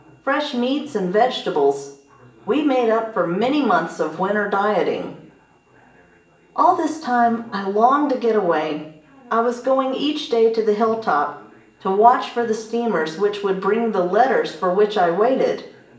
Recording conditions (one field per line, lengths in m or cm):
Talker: one person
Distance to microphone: 1.8 m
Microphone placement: close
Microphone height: 1.0 m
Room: large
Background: television